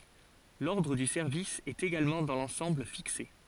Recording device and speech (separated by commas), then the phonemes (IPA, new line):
forehead accelerometer, read sentence
lɔʁdʁ dy sɛʁvis ɛt eɡalmɑ̃ dɑ̃ lɑ̃sɑ̃bl fikse